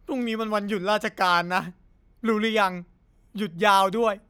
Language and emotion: Thai, sad